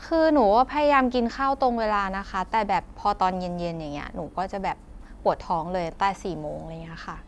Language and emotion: Thai, neutral